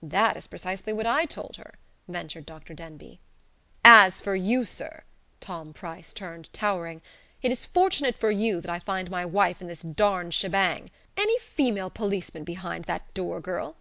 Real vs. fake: real